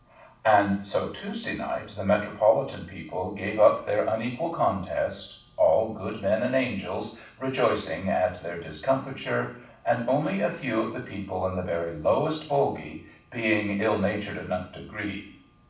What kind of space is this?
A mid-sized room (about 5.7 m by 4.0 m).